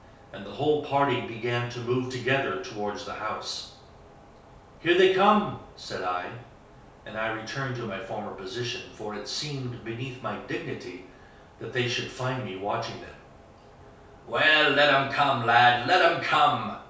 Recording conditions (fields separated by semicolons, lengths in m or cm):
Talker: one person; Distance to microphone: 3.0 m; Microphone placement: far; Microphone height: 1.8 m; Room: small (3.7 m by 2.7 m); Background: none